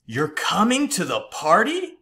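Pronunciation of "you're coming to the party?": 'You're coming to the party' is said as an exclamation expressing surprise, not as a question: the pitch goes down instead of going up.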